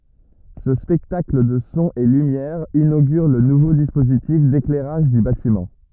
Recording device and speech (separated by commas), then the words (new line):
rigid in-ear microphone, read sentence
Ce spectacle de sons et lumières inaugure le nouveau dispositif d'éclairage du bâtiment.